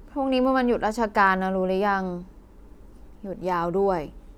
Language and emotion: Thai, frustrated